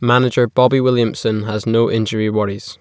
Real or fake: real